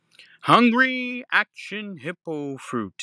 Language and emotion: English, fearful